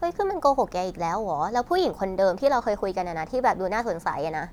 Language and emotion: Thai, neutral